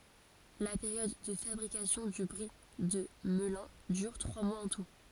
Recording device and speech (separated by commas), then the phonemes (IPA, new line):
forehead accelerometer, read sentence
la peʁjɔd də fabʁikasjɔ̃ dy bʁi də məlœ̃ dyʁ tʁwa mwaz ɑ̃ tu